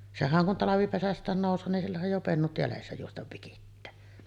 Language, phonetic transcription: Finnish, 'sehäŋ kun 'talavipesäst̀ään nòus̀oo nin sillähäj jo "pennut jälessä juostav 'vikittää .
- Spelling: sehän kun talvipesästään nousee niin sillähän jo pennut jäljessä juosta vikittää

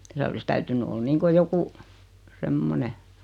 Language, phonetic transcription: Finnish, 'siä(l) ‿olis täytyn̆ny 'ol niŋko 'joku , 'semmone .
- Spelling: siellä olisi täytynyt olla niin kuin joku semmoinen

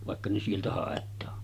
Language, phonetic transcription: Finnish, vàekka ne 'sieltä 'hàet̆taa .
- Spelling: vaikka ne sieltä haetaan

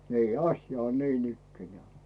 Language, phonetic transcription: Finnish, nii , "asja on 'niinikkenᵉä̀ .
- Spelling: niin asia on niinikään

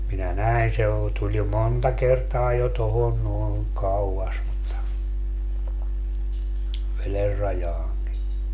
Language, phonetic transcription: Finnish, minä "näin se o- , tuĺ jo "monta 'kertaa jo 'tohon noen , 'kau₍as mutta , 'veler rajaaŋki .
- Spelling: minä näin se - tuli jo monta kertaa jo tuohon noin kauas mutta veden rajaankin

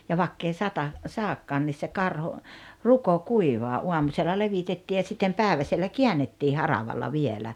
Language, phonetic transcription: Finnish, ja 'vakk ‿ei 'sata- , "saakkaan 'nis se 'karho , "ruko "kuivaa '’uamusella 'levitettii ja sittem "pääᵉväsellä "kiännettii 'haravalla 'vielä .
- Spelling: ja vaikka ei - sadakaan niin se karho ruko kuivaa aamusella levitettiin ja sitten päiväsellä käännettiin haravalla vielä

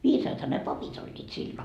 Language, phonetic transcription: Finnish, 'viisaatha ne 'papit ‿oĺĺiit sillo .
- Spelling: viisaathan ne papit olivat silloin

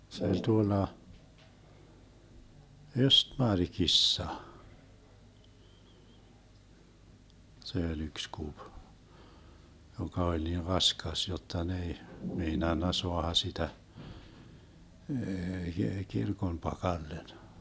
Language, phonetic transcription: Finnish, se oĺ 'tuolla , "Östmarkissa , 'se oĺ 'yks 'kup , 'joka 'oĺ niir 'raskas jotta 'n ‿ei , 'meinanna 'soaha 'sitä , 'kirkon 'pakallen .
- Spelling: se oli tuolla Östmarkissa se oli yksi kupi joka oli niin raskas jotta ne ei meinannut saada sitä kirkon pakalle

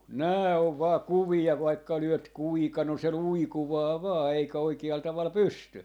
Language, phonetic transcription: Finnish, "nää ov 'vaa "kuvia vaikka 'lyöt 'kuika no se "luikuvaa 'vaa 'eikä 'oiki₍al 'taval "pysty .
- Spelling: nämä on vain kuvia vaikka lyöt kuinka no se luikuaa vain eikä oikealla tavalla pysty

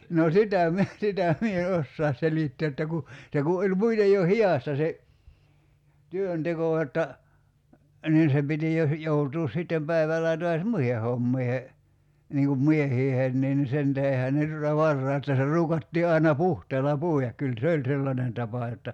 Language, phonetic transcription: Finnish, no 'sitä̀ (mie) , 'sitä mie e 'ossaas selittee että ku , 'se ku oĺ '(muitej) jo "hi₍asta se , 'työnteko [j]otta , 'niin se piti jo ‿h- , 'joutuus 'sittem päiväl̆lää toas "muihe 'hommiihe , niiŋ kum 'miehiiheen nin 'sen tähehän ne tuta 'varrài että se 'ruukattii ai̬na "puhteela 'pùi₍ak 'kyl "se oĺ 'sellanen 'tapa jotta ,.
- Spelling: no sitä minä sitä minä en osaa selittää että kun se kun oli muuten jo hidasta se työnteko jotta niin se piti jo - joutua sitten päivälläkin taas muihin hommiin niin kuin miesten niin sen tähdenhän ne tuota varhain että se ruukattiin aina puhteella puida kyllä se oli sellainen tapa jotta

